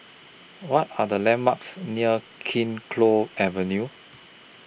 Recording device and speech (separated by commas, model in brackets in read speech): boundary microphone (BM630), read sentence